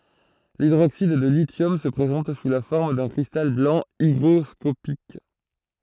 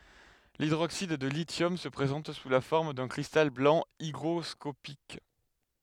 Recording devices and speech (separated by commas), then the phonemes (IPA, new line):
throat microphone, headset microphone, read sentence
lidʁoksid də lisjɔm sə pʁezɑ̃t su la fɔʁm dœ̃ kʁistal blɑ̃ iɡʁɔskopik